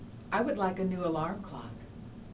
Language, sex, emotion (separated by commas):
English, female, neutral